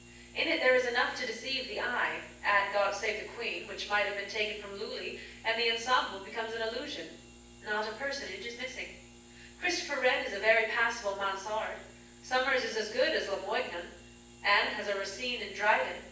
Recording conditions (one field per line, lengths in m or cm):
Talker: one person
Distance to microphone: 9.8 m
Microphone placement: far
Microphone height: 1.8 m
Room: large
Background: none